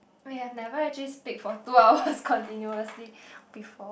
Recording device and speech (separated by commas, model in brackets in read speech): boundary microphone, conversation in the same room